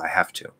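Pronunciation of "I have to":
In 'I have to', the word 'have' is stressed and carries the focus.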